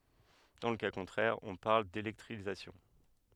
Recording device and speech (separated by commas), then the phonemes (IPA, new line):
headset microphone, read sentence
dɑ̃ lə ka kɔ̃tʁɛʁ ɔ̃ paʁl delɛktʁizasjɔ̃